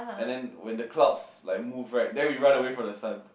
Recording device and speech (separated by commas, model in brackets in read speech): boundary microphone, conversation in the same room